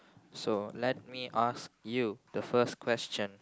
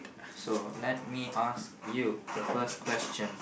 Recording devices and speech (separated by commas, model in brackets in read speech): close-talking microphone, boundary microphone, conversation in the same room